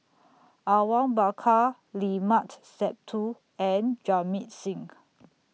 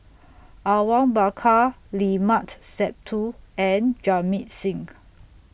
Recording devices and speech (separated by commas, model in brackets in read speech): mobile phone (iPhone 6), boundary microphone (BM630), read sentence